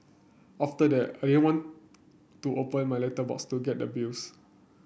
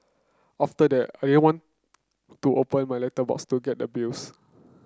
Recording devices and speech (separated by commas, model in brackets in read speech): boundary microphone (BM630), close-talking microphone (WH30), read sentence